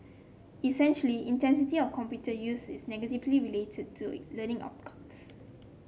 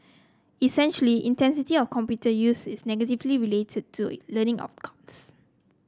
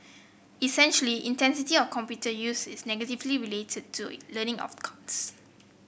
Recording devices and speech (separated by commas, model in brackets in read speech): mobile phone (Samsung C7), close-talking microphone (WH30), boundary microphone (BM630), read sentence